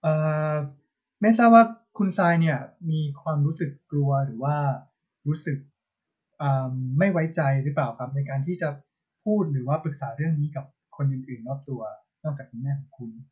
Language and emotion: Thai, neutral